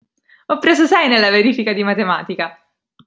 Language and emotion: Italian, happy